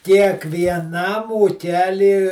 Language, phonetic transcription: Lithuanian, kiekvieˈnam ūˈkely

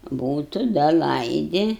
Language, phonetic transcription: Lithuanian, ˈbūtu ˈda ˈlaidi

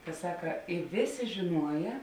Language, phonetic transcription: Lithuanian, ka ˈsaka i ˈvėˌsė žiˈnuoja

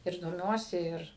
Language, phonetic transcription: Lithuanian, ir doˈmiuosi ˈir

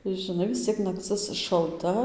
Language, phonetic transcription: Lithuanian, žiˈnai vis ˈciek nakˈcɨs šalˈta

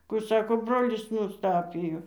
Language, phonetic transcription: Lithuanian, ku ˈsako ˈbrolis nusˈtapijo

